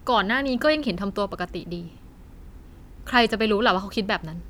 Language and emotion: Thai, frustrated